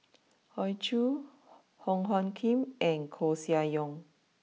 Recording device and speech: mobile phone (iPhone 6), read sentence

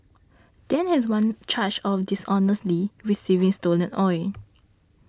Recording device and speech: standing microphone (AKG C214), read sentence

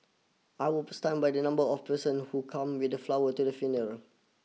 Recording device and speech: mobile phone (iPhone 6), read sentence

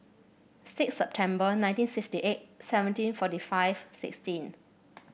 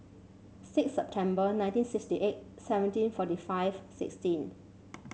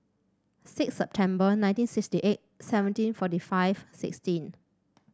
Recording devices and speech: boundary microphone (BM630), mobile phone (Samsung C7), standing microphone (AKG C214), read sentence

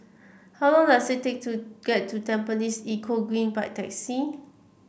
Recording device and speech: boundary microphone (BM630), read sentence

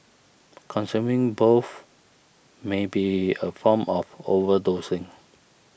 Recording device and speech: boundary microphone (BM630), read sentence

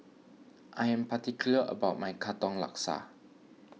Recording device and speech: mobile phone (iPhone 6), read sentence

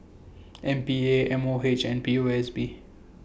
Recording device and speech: boundary microphone (BM630), read sentence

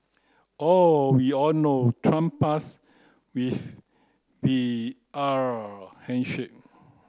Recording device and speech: close-talking microphone (WH30), read sentence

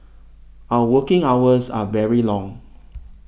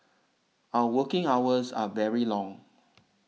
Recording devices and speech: boundary microphone (BM630), mobile phone (iPhone 6), read sentence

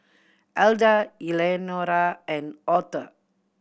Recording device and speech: boundary microphone (BM630), read sentence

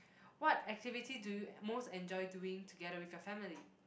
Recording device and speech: boundary microphone, conversation in the same room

